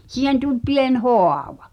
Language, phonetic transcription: Finnish, 'siihen tu(ĺ) 'pien "hò̳à̳va .
- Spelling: siihen tuli pieni haava

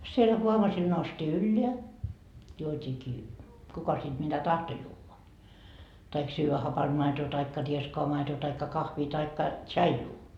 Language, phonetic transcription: Finnish, sieĺ huovasil noustii "ylleä , juot́iikii , 'kuka sit mitä "tahto juuva , taik 'syyvä 'hapanD 'maetoo taikka 'rieskoa 'maetoo taikka 'kahvii taikka , "tsaijuu .
- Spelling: siellä huovasilla noustiin ylös juotiinkin kuka sitten mitä tahtoi juoda tai syödä hapanta maitoa tai rieskaa maitoa tai kahvia tai tsaijua

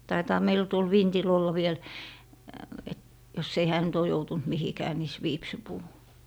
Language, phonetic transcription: Finnish, 'taitaa meilᵃ̈ 'tuol "vintil olla 'viel , et - jos ‿ei 'hää nyt ‿oo 'joutunt "mihikää mis 'viipsipuu .
- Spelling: taitaa meillä tuolla vintillä olla vielä että jos ei hän nyt ole joutunut mihinkään missä viipsinpuu

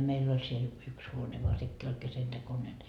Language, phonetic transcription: Finnish, 'meill ‿oĺ siel , 'yks 'huone voa sekkii oĺ 'kesentekonen .
- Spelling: meillä oli siellä yksi huone vaan sekin oli keskentekoinen

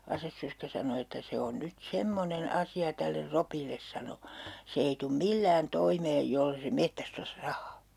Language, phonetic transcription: Finnish, 'asessörskä sano että » 'se on 'nyt "semmonen "asi₍a täller "Ropilles [= Robert Furuhjelmille] » sano , » 'se ei tum "millään 'toimeej 'jolle se "mettäst ‿(ottas) "rahaa » .
- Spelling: asessorska sanoi että se on nyt semmoinen asia tälle Ropille sanoi se ei tule millään toimeen jos ei se metsästä ottaisi rahaa

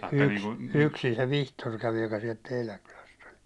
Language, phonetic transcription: Finnish, y- yk- 'yksin se "Vihtor kävi , joka siɛlt 'teiläŋ kyläst ‿oĺ ,.
- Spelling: - - yksin se Vihtori kävi joka sieltä teidän kylästä oli

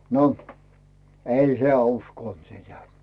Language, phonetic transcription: Finnish, no , "ei heä̀ 'uskònt sitä .
- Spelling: no ei hän uskonut sitä

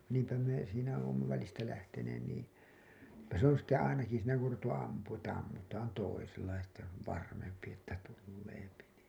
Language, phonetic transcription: Finnish, niimpä me , siinä oomma välistä lähteneen nii , Että se ‿on sitte 'ainaki siinä ku ‿or ruvettu 'ampuuṵ että 'ammutaan 'toisella ja sitte se ‿ov 'varmempi ‿että 'tulleepi nìn .
- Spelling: niinpä me siinä olemme välistä lähteneet niin että se on sitten ainakin siinä kun on ruvettu ampumaan että ammutaan toisella ja sitten se on varmempi että tulee niin

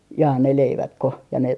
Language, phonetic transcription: Finnish, 'jaa ne 'leivatko , ja ne ,.
- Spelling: jaa ne leivätkö ja ne

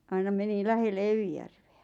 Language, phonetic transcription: Finnish, aina meni 'lähelle "Evijärveä .
- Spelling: aina meni lähelle Evijärveä

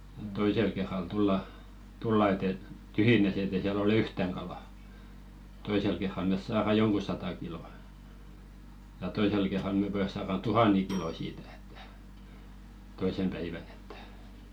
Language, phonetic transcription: Finnish, ᴱᵗ 'toisel kerral 'tulla , tulla et ‿et , "tyhjinäs ‿et ‿è siäl ‿olᵉ "yhtäŋ kala , 'toisel kerral mes 'saara "joŋku sata kilò , ja 'toisel kerral 'me pojas saaran "tuhan̆neŋ 'kilò siitᴀ̈ ᴇttᴀ̈ , 'toisem päivän ‿ᴇttᴀ̈ .
- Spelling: että toisella kerralla tullaan tullaan että että tyhjinään että ei siellä ole yhtään kalaa toisella kerralla me saadaan jonkun sata kiloa ja toisella kerralla me pojat saadaan tuhannen kiloa siitä että toisena päivänä että

